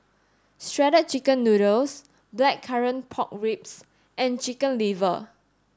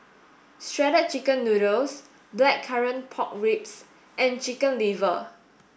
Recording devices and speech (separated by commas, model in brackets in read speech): standing microphone (AKG C214), boundary microphone (BM630), read sentence